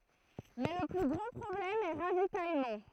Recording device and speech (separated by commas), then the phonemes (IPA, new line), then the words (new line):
throat microphone, read sentence
mɛ lə ply ɡʁɑ̃ pʁɔblɛm ɛ ʁavitajmɑ̃
Mais le plus grand problème est ravitaillement.